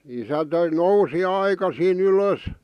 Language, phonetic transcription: Finnish, isä 'nousi 'aikasii'n ‿ylös .
- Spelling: isä nousi aikaisin ylös

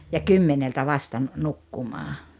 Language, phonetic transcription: Finnish, ja "kymmeneltä "vasta nn- , 'nukkumaa .
- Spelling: ja kymmeneltä vasta - nukkumaan

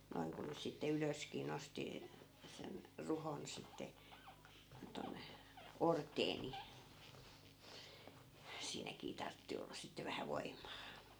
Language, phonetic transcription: Finnish, 'noi̮ŋ ku nys sitte 'ylöskii 'nosti , sen , 'ruhon sitte , tonne , "ort̀ee ni , 'siinäkii 'tartti olla 'sitte vähä "voimmaa .
- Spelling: noin kun nyt sitten ylöskin nosti sen ruhon sitten tuonne orteen niin siinäkin tarvitsi olla sitten vähän voimaa

